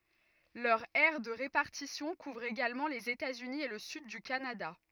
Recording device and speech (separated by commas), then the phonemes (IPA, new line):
rigid in-ear microphone, read sentence
lœʁ ɛʁ də ʁepaʁtisjɔ̃ kuvʁ eɡalmɑ̃ lez etaz yni e lə syd dy kanada